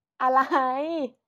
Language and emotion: Thai, happy